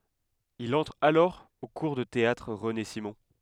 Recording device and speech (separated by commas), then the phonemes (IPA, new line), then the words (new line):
headset microphone, read sentence
il ɑ̃tʁ alɔʁ o kuʁ də teatʁ ʁəne simɔ̃
Il entre alors au cours de théâtre René Simon.